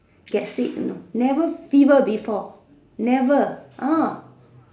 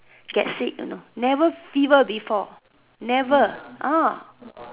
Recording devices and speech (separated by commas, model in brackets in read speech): standing microphone, telephone, conversation in separate rooms